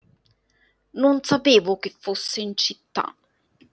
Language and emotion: Italian, disgusted